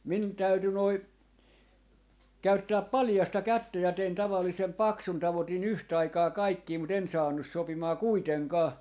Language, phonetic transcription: Finnish, min 'täyty noi , 'käyttää "palⁱjasta "kättä ja 'tein 'tavallisem "paksun , 'tavoti'n ‿yht'aikaa "kaikkii mut ‿en 'saannus 'sopimaa "kuiteŋkaa .
- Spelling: minun täytyi noin käyttää paljasta kättä ja tein tavallisen paksun tavoitin yhtaikaa kaikkia mutta en saanut sopimaan kuitenkaan

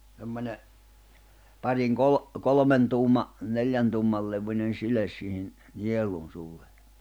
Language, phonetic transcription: Finnish, 'semmoǹe , 'pariŋ 'kol- , 'kolᵒmen tuum̀a , 'neljän tuum̀al levuńen 'siles siihin , 'niel̀un suulle .
- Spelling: semmoinen parin - kolmen tuuman neljän tuuman levyinen sile siihen nielun suulle

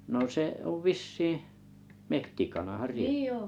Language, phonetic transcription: Finnish, no 'se’ ov "vissii , 'mehtikanahar 'riekk(oo) ?
- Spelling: no se on vissiin metsäkanahan riekko on

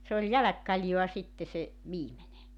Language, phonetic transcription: Finnish, 'se ‿ol 'jäläkkaljoa 'sitte se , 'viimene .
- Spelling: se oli jälkikaljaa sitten se viimeinen

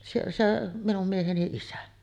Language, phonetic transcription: Finnish, siellä 'se , 'minum mieheni "isä .
- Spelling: siellä se minun mieheni isä

